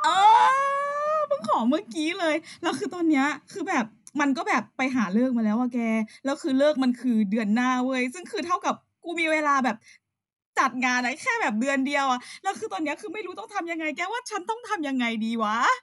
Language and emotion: Thai, happy